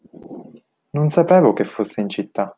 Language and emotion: Italian, neutral